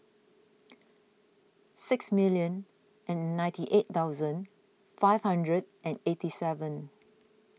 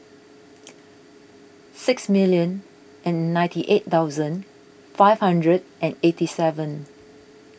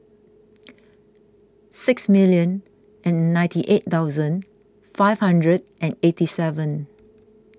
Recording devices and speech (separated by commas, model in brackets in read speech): mobile phone (iPhone 6), boundary microphone (BM630), close-talking microphone (WH20), read sentence